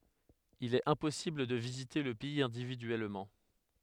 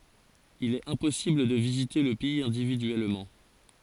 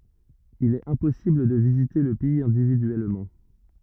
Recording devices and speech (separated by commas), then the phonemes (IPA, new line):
headset microphone, forehead accelerometer, rigid in-ear microphone, read sentence
il ɛt ɛ̃pɔsibl də vizite lə pɛiz ɛ̃dividyɛlmɑ̃